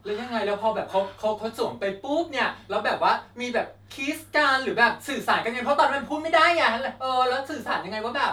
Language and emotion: Thai, happy